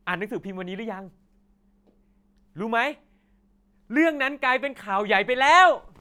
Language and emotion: Thai, happy